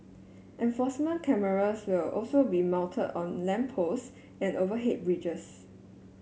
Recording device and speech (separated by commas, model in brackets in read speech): mobile phone (Samsung S8), read sentence